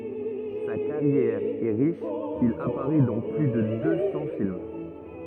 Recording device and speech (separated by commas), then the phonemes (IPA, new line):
rigid in-ear microphone, read sentence
sa kaʁjɛʁ ɛ ʁiʃ il apaʁɛ dɑ̃ ply də dø sɑ̃ film